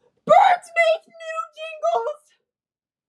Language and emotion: English, fearful